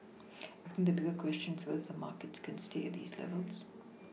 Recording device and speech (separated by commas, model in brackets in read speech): mobile phone (iPhone 6), read sentence